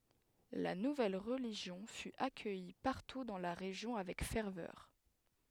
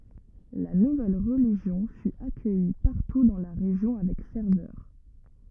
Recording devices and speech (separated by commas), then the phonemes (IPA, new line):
headset microphone, rigid in-ear microphone, read sentence
la nuvɛl ʁəliʒjɔ̃ fy akœji paʁtu dɑ̃ la ʁeʒjɔ̃ avɛk fɛʁvœʁ